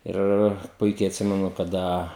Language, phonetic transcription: Lithuanian, ˈir ˈpuikiai atˈsimenu kaˈda

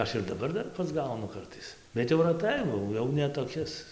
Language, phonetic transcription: Lithuanian, ˈaš ir daˈbar ˈdar pasˈgaunu ˈkartais bet jau raˈtai ˈba au ˈjau ne toˈkis

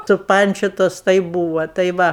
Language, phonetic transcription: Lithuanian, suˈpančiotos tai ˈbūva tai ˈva

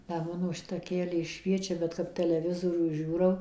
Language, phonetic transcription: Lithuanian, da ˈmano ˈšita aˈkelė ˈšviečia bet kap teleˈvizorių ˈžiūrau

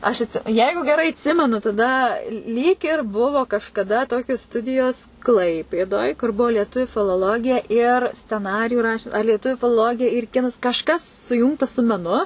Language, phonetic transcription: Lithuanian, aš atˈsi ˈjeigu geˈrai atˈsimenu taˈda lyg ir ˈbuvo kažkaˈda ˈtokios ˈstudijos ˈklaipėdoj kur ˈbuo lieˈtuviu filoˈlogija ir sceˈnariju ˈrašim ˈar lieˈtuviu filoˈlogija ir ˈkinas kažˈkas suˈjūngta su meˈnu

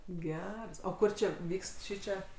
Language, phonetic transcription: Lithuanian, ˈgeras o ˈkur čia ˈvykst ˈšyčia

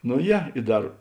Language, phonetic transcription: Lithuanian, no ˈje i ˈdar

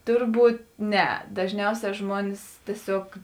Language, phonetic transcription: Lithuanian, ˈturˌbūt ˈne dažˈniausē ˈžmuonis tieˈsiog

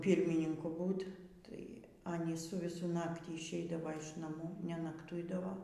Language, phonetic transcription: Lithuanian, ˈpyrmininku ˈbūt' tai ˈanys su viˈsu ˈnaktį išˈeidava iš naˈmų nenakˈtuidavo

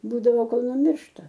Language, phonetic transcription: Lithuanian, ˈbūdavo ˈkol nuˈmiršta

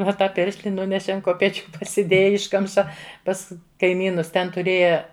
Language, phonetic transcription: Lithuanian, o ˈtą ˈpiršli ˈnuneše an kopeˈčiu pasiˈdėja ˈiškamša ˈpas kaiˈmynus ˈten tuˈrėja

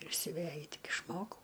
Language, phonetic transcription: Lithuanian, ir siuˈvæju ˈtik išˈmokau

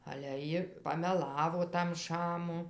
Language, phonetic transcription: Lithuanian, ale ˈji pameˈlavo tam ˈšamu

